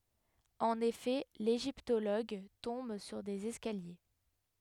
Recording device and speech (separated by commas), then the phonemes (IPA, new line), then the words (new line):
headset microphone, read sentence
ɑ̃n efɛ leʒiptoloɡ tɔ̃b syʁ dez ɛskalje
En effet, l'égyptologue tombe sur des escaliers.